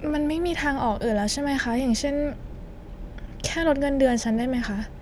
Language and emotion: Thai, frustrated